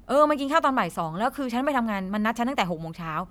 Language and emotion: Thai, frustrated